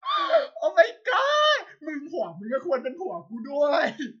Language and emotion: Thai, happy